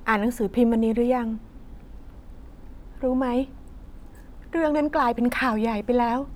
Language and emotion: Thai, sad